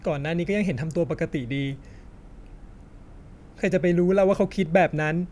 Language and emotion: Thai, sad